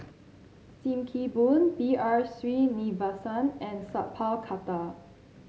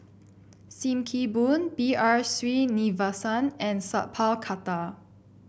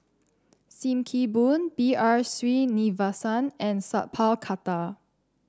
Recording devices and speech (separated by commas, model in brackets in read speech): mobile phone (Samsung C7), boundary microphone (BM630), standing microphone (AKG C214), read sentence